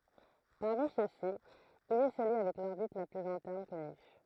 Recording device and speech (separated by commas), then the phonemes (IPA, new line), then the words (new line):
throat microphone, read sentence
paʁmi søksi il ɛ səlyi avɛk lɔʁbit la plyz ɛ̃tɛʁn kɔny
Parmi ceux-ci, il est celui avec l'orbite la plus interne connue.